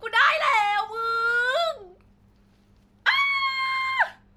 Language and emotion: Thai, happy